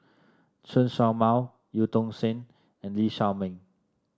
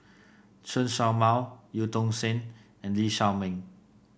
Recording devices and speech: standing microphone (AKG C214), boundary microphone (BM630), read sentence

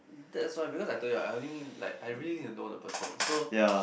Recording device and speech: boundary microphone, conversation in the same room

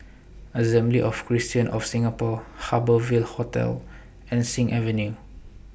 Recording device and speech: boundary microphone (BM630), read sentence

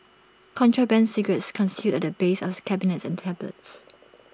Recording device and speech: standing microphone (AKG C214), read sentence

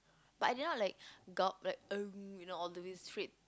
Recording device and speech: close-talking microphone, conversation in the same room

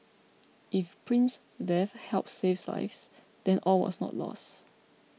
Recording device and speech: mobile phone (iPhone 6), read sentence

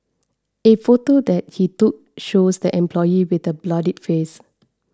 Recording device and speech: standing microphone (AKG C214), read sentence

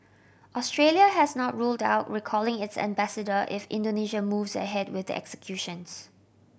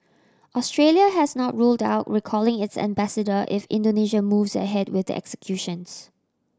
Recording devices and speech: boundary microphone (BM630), standing microphone (AKG C214), read sentence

